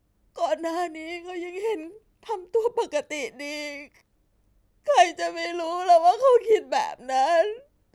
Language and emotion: Thai, sad